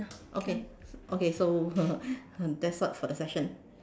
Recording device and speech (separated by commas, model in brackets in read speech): standing microphone, conversation in separate rooms